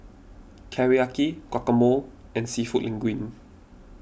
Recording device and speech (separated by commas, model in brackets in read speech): boundary microphone (BM630), read sentence